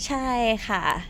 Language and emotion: Thai, happy